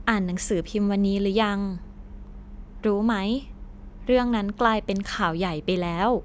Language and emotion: Thai, neutral